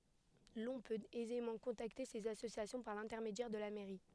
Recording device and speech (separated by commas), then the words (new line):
headset microphone, read sentence
L'on peut aisément contacter ces associations par l'intermédiaire de la mairie.